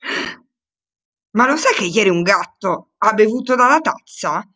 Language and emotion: Italian, surprised